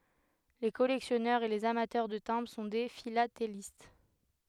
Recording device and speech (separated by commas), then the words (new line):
headset microphone, read sentence
Les collectionneurs et les amateurs de timbres sont des philatélistes.